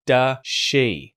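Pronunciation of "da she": In 'does she', the z sound at the end of 'does' disappears before the sh sound of 'she'.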